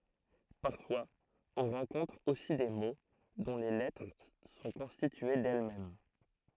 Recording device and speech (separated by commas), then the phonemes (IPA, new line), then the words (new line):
throat microphone, read sentence
paʁfwaz ɔ̃ ʁɑ̃kɔ̃tʁ osi de mo dɔ̃ le lɛtʁ sɔ̃ kɔ̃stitye dɛlmɛm
Parfois on rencontre aussi des mots dont les lettres sont constituées d'elles-mêmes.